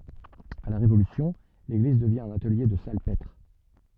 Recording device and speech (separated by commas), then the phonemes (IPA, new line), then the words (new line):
soft in-ear microphone, read sentence
a la ʁevolysjɔ̃ leɡliz dəvjɛ̃ œ̃n atəlje də salpɛtʁ
À la Révolution, l'église devient un atelier de salpêtre.